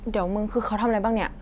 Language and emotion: Thai, neutral